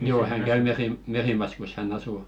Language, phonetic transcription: Finnish, joo 'häŋ 'käy "Merim- "Merimaskus hän'n ‿asù .
- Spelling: joo hän käy - Merimaskussa hän asuu

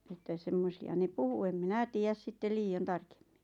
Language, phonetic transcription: Finnish, että 'semmosi₍a ne "puhu em "minä "tiijäs 'sittel 'lii₍on "tarkᴇᴍᴍɪ .
- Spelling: että semmoisia ne puhui en minä tiedä sitten liioin tarkemmin

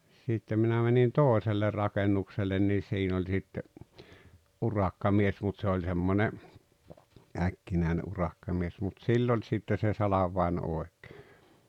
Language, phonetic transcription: Finnish, sittem minä mänin "tooᵉselle 'rakennuksellen nii 'siin ‿oĺ sitte , 'urakkamies mut se oĺ 'semmone , 'äkkinä̀ene ’urakkamies mut "sill ‿oĺ sitte se 'salav̆vaen 'oek̀ᴇᴇ .
- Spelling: sitten minä menin toiselle rakennukselle niin siinä oli sitten urakkamies mutta se oli semmoinen äkkinäinen urakkamies mutta sillä oli sitten se salvain oikein

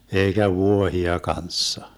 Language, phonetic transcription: Finnish, 'eikä "vuohia 'kanssa .
- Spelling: eikä vuohia kanssa

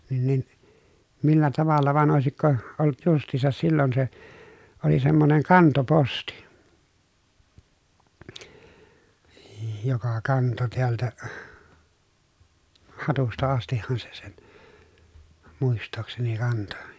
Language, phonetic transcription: Finnish, nin nin , millä tavalla van òesikko , olˡᵘt just̀iisas sillon se , oli semmoneŋ kantoposti , j- joka kanto teältä , Hatusta astihhan se sEN , muist̆tookseni kanto .
- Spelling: niin niin millä tavalla vaan olisiko ollut justiinsa silloin se oli semmoinen kantoposti - joka kantoi täältä Hatusta astihan se sen muistaakseni kantoi

